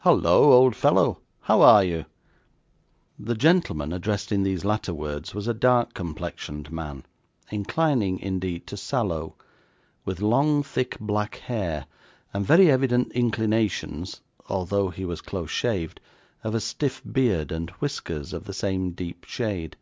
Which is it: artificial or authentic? authentic